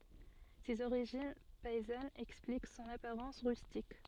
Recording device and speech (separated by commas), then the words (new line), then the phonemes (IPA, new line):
soft in-ear microphone, read sentence
Ses origines paysannes expliquent son apparence rustique.
sez oʁiʒin pɛizanz ɛksplik sɔ̃n apaʁɑ̃s ʁystik